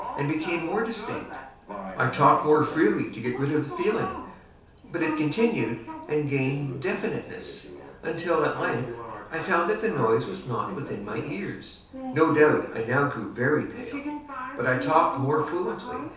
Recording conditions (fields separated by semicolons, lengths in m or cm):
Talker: one person; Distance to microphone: 3.0 m; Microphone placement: far; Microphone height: 1.8 m; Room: small (3.7 m by 2.7 m); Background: television